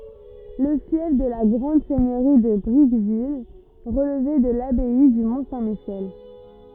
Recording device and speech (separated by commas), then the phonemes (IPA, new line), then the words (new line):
rigid in-ear microphone, read sentence
lə fjɛf də la ɡʁɑ̃d sɛɲøʁi də bʁikvil ʁəlvɛ də labɛi dy mɔ̃ sɛ̃ miʃɛl
Le fief de la grande seigneurie de Bricqueville relevait de l'abbaye du Mont-Saint-Michel.